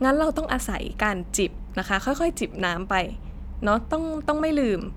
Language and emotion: Thai, neutral